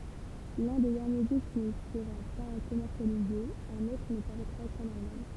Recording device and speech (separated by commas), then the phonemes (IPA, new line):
temple vibration pickup, read sentence
lœ̃ de dɛʁnje disk nə səʁa pa kɔmɛʁsjalize œ̃n otʁ nə paʁɛtʁa kɑ̃n almaɲ